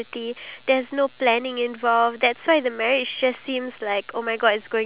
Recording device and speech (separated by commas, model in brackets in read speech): telephone, conversation in separate rooms